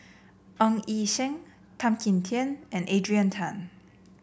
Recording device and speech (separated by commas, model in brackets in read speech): boundary microphone (BM630), read sentence